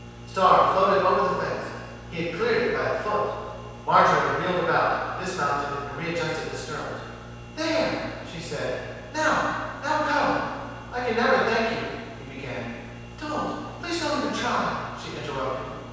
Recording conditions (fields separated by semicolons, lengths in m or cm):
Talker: one person; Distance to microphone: 7.1 m; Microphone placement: far; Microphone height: 1.7 m; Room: very reverberant, large; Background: none